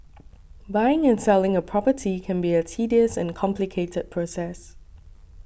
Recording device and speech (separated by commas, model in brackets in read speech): boundary microphone (BM630), read sentence